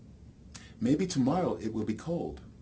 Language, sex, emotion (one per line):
English
male
neutral